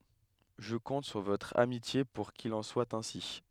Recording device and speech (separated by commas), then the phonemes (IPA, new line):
headset microphone, read sentence
ʒə kɔ̃t syʁ votʁ amitje puʁ kil ɑ̃ swa ɛ̃si